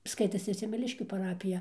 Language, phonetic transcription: Lithuanian, ˈskaitasi semeˈliškių paˈrapija

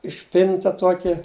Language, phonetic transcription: Lithuanian, išˈpinta ˈtuokia

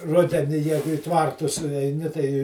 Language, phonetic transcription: Lithuanian, ˈrudeni ˈjegu i ˈtvartus eiˈni tai

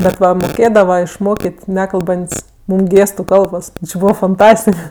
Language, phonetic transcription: Lithuanian, bet ˈva moˈkėdava išˈmokėt' ˈnekalbant's' ˈmūm ˈgėstu ˈkalbos ˈbūva fanˈtastik

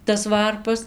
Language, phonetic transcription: Lithuanian, tas ˈvarpas

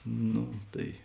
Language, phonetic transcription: Lithuanian, ˈno ˈtai

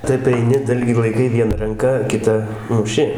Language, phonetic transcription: Lithuanian, ˈtaip aiˈni ˈdalgį laiˈkai ˈviena ranˈka kiˈta muˈši

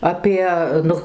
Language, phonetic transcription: Lithuanian, aˈpie ˈnu

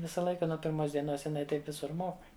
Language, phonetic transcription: Lithuanian, ˈvisą ˈlaiką nuo pirˈmos dieˈnos jiˈnai ˈtaip ˈvisur mok

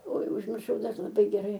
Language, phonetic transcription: Lithuanian, oi užmirˈšau laˈbai geˈrai

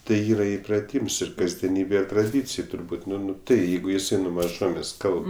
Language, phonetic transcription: Lithuanian, tai ˈyra ipraˈtyms ir kasdieˈnybe traˈdycėj turˈbūt' nu nu tai ˈjeigu jiˈsai nu maˈžomės' ˈkalb

